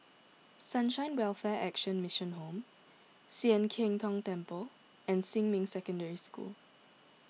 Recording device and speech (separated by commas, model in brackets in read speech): mobile phone (iPhone 6), read sentence